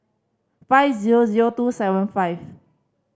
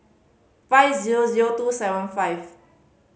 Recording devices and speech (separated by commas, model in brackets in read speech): standing microphone (AKG C214), mobile phone (Samsung C5010), read sentence